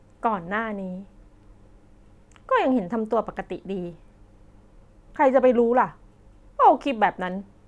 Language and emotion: Thai, frustrated